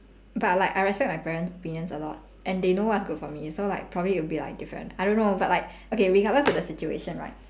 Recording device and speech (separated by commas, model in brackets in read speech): standing microphone, conversation in separate rooms